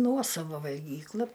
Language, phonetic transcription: Lithuanian, ˈnuosava valˈgykla

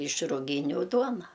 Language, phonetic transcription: Lithuanian, iš ruˈgyniu ˈduona

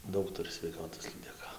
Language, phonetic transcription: Lithuanian, ˈdaug ˈturi sveiˈkatos lydeˈka

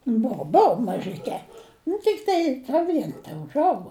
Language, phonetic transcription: Lithuanian, ˈbou ˈbou mažiˈke nu tikˈtai nu ˈvien teužˈaugo

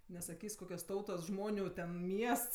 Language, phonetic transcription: Lithuanian, nesaˈkys' ˈkokios ˈtautos ˈžmoniu ten ˈmiests

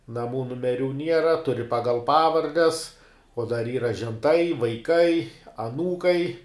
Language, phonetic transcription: Lithuanian, naˈmų numeˈrių ˈniera tuˈri ˈpagal ˈpavardes o dar ˈyra ženˈtai vaiˈkai aˈnūkai

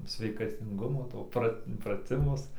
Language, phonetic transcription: Lithuanian, sveikatinˈgumo ˈto prat' praˈtimus

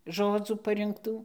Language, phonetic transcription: Lithuanian, ˈžodzų parinkˈtų

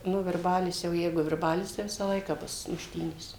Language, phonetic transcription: Lithuanian, nu virˈbalis jau ˈjeigu virˈbalis tai ˈvisa ˈlaika ˈbus mušˈtynės

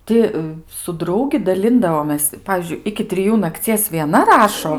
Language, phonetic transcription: Lithuanian, ˈti su ˈdraugi daˈlindavomės ˈpavyzdžiui iki triˈjų nakˈcies vieˈna ˈrašo

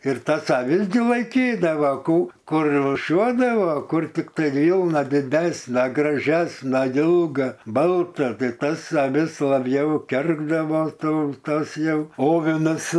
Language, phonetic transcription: Lithuanian, ir ˈtas aˈvis gi laiˈkydavo ˈkų ˈkur rūˈšiuodavo ˈkur tikˈtai ˈvylna diˈdesna graˈžesna ˈilga ˈbalta ˈtai ˈtas aˈvis laˈbjau ˈkergdavo ˈtų ˈtas ˈjau ˈovinas

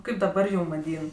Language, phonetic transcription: Lithuanian, ˈkaip daˈbar ˈjūm vaˈdyn

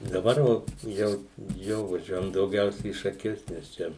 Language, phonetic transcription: Lithuanian, daˈbar va ˈjau ˈjo vaˈžiuojam dauˈgiausia į šaˈkius nes ˈčia

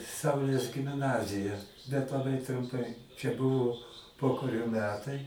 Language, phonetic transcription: Lithuanian, ˈsaulės gimˈnazija bet laˈbai trumˈpai čia ˈbuvo ˈpokario ˈmetai

